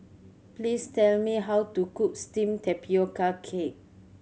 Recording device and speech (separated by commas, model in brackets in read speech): mobile phone (Samsung C7100), read sentence